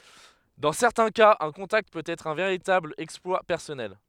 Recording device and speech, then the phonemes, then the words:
headset microphone, read sentence
dɑ̃ sɛʁtɛ̃ kaz œ̃ kɔ̃takt pøt ɛtʁ œ̃ veʁitabl ɛksplwa pɛʁsɔnɛl
Dans certains cas un contact peut être un véritable exploit personnel.

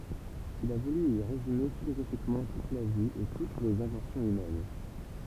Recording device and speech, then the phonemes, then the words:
temple vibration pickup, read sentence
il a vuly i ʁezyme filozofikmɑ̃ tut la vi e tut lez ɛ̃vɑ̃sjɔ̃z ymɛn
Il a voulu y résumer philosophiquement toute la vie et toutes les inventions humaines.

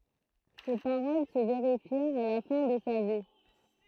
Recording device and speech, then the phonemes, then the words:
throat microphone, read sentence
se paʁol sə veʁifjɛʁt a la fɛ̃ də sa vi
Ces paroles se vérifièrent à la fin de sa vie.

